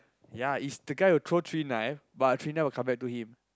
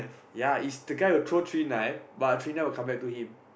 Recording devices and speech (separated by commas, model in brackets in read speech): close-talking microphone, boundary microphone, conversation in the same room